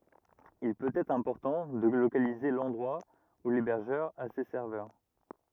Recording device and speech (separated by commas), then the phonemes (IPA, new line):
rigid in-ear microphone, read sentence
il pøt ɛtʁ ɛ̃pɔʁtɑ̃ də lokalize lɑ̃dʁwa u lebɛʁʒœʁ a se sɛʁvœʁ